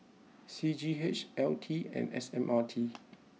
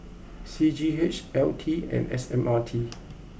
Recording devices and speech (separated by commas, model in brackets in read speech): mobile phone (iPhone 6), boundary microphone (BM630), read sentence